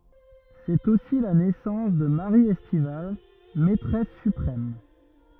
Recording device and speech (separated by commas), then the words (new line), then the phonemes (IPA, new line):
rigid in-ear microphone, read sentence
C'est aussi la naissance de Marie Estivals, maîtresse suprême.
sɛt osi la nɛsɑ̃s də maʁi ɛstival mɛtʁɛs sypʁɛm